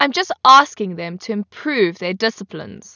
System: none